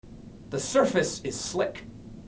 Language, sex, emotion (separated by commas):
English, male, neutral